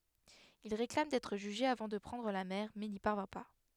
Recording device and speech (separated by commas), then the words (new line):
headset microphone, read sentence
Il réclame d'être jugé avant de prendre la mer mais n'y parvient pas.